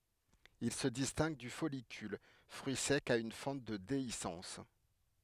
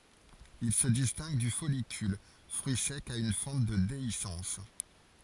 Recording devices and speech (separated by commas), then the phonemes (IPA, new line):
headset microphone, forehead accelerometer, read sentence
il sə distɛ̃ɡ dy fɔlikyl fʁyi sɛk a yn fɑ̃t də deisɑ̃s